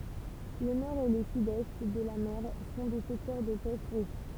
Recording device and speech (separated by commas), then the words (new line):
temple vibration pickup, read sentence
Le nord et le sud-est de la mer sont des secteurs de pêche riches.